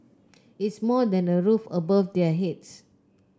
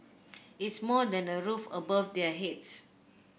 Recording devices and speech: close-talking microphone (WH30), boundary microphone (BM630), read sentence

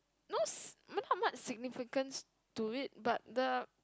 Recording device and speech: close-talking microphone, conversation in the same room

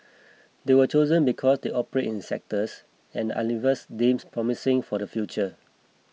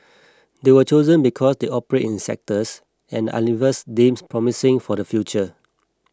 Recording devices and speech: mobile phone (iPhone 6), close-talking microphone (WH20), read sentence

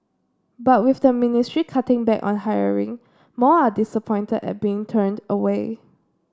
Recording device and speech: standing microphone (AKG C214), read sentence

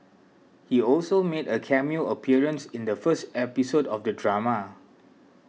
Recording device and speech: mobile phone (iPhone 6), read sentence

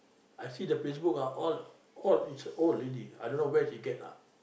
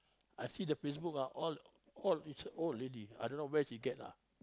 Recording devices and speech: boundary microphone, close-talking microphone, conversation in the same room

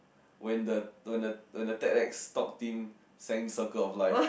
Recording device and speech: boundary microphone, conversation in the same room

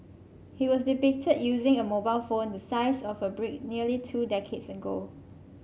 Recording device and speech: mobile phone (Samsung C5), read sentence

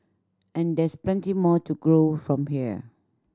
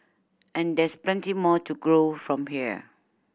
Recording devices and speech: standing microphone (AKG C214), boundary microphone (BM630), read sentence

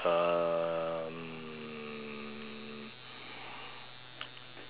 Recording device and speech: telephone, conversation in separate rooms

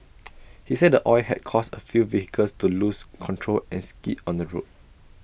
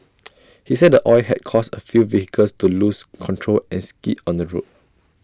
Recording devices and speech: boundary microphone (BM630), standing microphone (AKG C214), read sentence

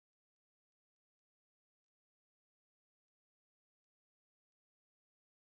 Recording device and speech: boundary microphone, conversation in the same room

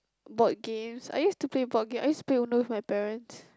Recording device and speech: close-talking microphone, conversation in the same room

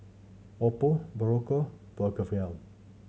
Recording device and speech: mobile phone (Samsung C7100), read sentence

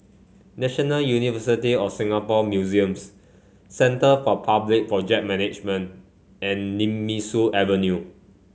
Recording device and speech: mobile phone (Samsung C5), read sentence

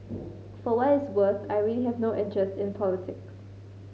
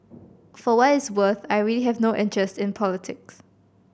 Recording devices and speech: mobile phone (Samsung C5010), boundary microphone (BM630), read sentence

